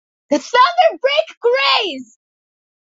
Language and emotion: English, disgusted